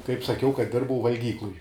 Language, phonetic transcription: Lithuanian, kaip saˈkiau kad ˈdirbau valˈgykluj

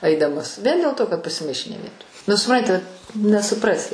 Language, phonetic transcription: Lithuanian, ˈaidamas ˈvien dėl ˈto kad pasiˈmaišė ne ˈvietoj nu suˈpranti nesuˈprasi

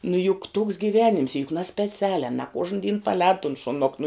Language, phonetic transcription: Lithuanian, nu juk tūks gyˈvenims juk naspeˈcialiā na ˈkuožn dyn paˈlēd tun šuˈnok nu

